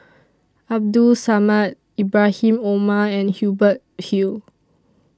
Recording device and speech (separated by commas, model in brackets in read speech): standing microphone (AKG C214), read sentence